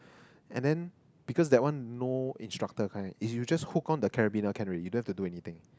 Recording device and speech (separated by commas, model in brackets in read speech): close-talking microphone, conversation in the same room